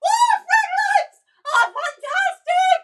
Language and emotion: English, surprised